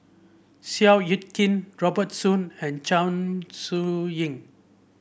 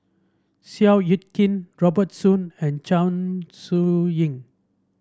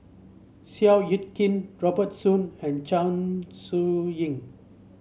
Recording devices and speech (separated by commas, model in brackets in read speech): boundary microphone (BM630), standing microphone (AKG C214), mobile phone (Samsung C7), read sentence